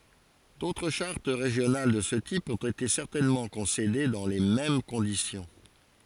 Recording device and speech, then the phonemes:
forehead accelerometer, read sentence
dotʁ ʃaʁt ʁeʒjonal də sə tip ɔ̃t ete sɛʁtɛnmɑ̃ kɔ̃sede dɑ̃ le mɛm kɔ̃disjɔ̃

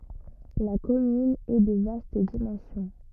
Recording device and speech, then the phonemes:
rigid in-ear microphone, read sentence
la kɔmyn ɛ də vast dimɑ̃sjɔ̃

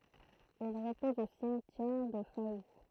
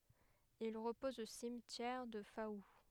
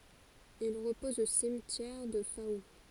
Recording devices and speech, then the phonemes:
throat microphone, headset microphone, forehead accelerometer, read sentence
il ʁəpɔz o simtjɛʁ dy fau

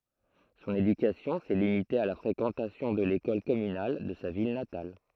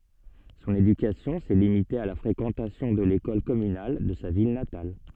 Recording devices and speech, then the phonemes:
throat microphone, soft in-ear microphone, read sentence
sɔ̃n edykasjɔ̃ sɛ limite a la fʁekɑ̃tasjɔ̃ də lekɔl kɔmynal də sa vil natal

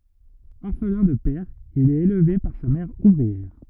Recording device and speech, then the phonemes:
rigid in-ear microphone, read sentence
ɔʁflɛ̃ də pɛʁ il ɛt elve paʁ sa mɛʁ uvʁiɛʁ

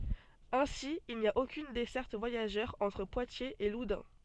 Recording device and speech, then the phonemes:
soft in-ear microphone, read sentence
ɛ̃si il ni a okyn dɛsɛʁt vwajaʒœʁ ɑ̃tʁ pwatjez e ludœ̃

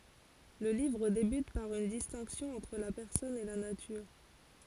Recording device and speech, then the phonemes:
forehead accelerometer, read sentence
lə livʁ debyt paʁ yn distɛ̃ksjɔ̃ ɑ̃tʁ la pɛʁsɔn e la natyʁ

